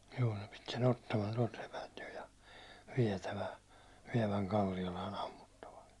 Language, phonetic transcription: Finnish, juu ne pit se'n ‿ottaman tuålt sepält jo ja , viɛtävä- , viɛväŋ 'Kallialaan ‿ammuttava(ks) ,.
- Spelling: juu ne piti sen ottaman tuolta sepältä jo ja - vievän Kallialaan ammuttavaksi

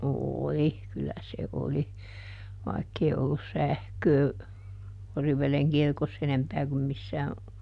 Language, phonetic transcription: Finnish, "ooli , ˈkyllä se ˈoli , ˈvaikkei ollus "sähköö , ˈOriv̆veleŋ ˈkirkosˈs ‿enempää kum ˈmissää ,.
- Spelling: oli kyllä se oli vaikka ei ollut sähköä Oriveden kirkossa enempää kuin missään

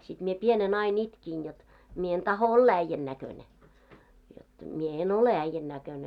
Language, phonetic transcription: Finnish, sit mie 'pienen ‿ain 'itkin jot , » mie en 'taho "olla 'äⁱjjän näköne , jot mie 'en "ole 'äⁱjjän näköne « .
- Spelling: sitten minä pienenä aina itkin jotta minä en tahdo olla äijän näköinen jotta minä en ole äijän näköinen

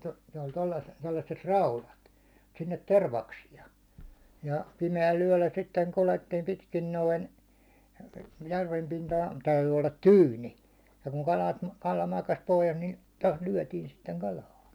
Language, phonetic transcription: Finnish, no- , ne oĺ tollas- tollasset "raulat , sinnet 'tervaksi₍a , ja 'pime₍äl yäₒllä sitteŋ 'kulettiim pitkin 'noin , järvem pintahᴀɴ täyty ollat "tyyni , ja kuŋ 'kalat , 'kala makas pohjas ni , tost 'lyäₒtiin sitteŋ 'kal̜aa .
- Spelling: - ne oli - tuollaiset raudat sinne tervaksia ja pimeällä yöllä sitten kuljettiin pitkin noin järven pintahan täytyi olla tyyni ja kun kalat kala makasi pohjassa niin tuosta lyötiin sitten kalaa

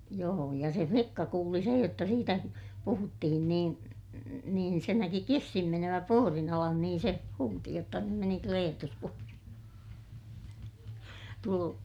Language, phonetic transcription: Finnish, joo ja se flikka kuuli sej jotta siitä , puhuttihin niin , niin se näki kissin menövä puorin ‿alan niin se , huuti jotta » nym meni Kleetus puorin (ala) » , tulu - ,.
- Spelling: joo ja se likka kuuli sen jotta siitä puhuttiin niin niin se näki kissan menevän puodin alle niin se huusi jotta nyt meni Kleetus puodin alle -

